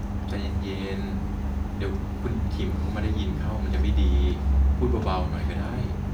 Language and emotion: Thai, frustrated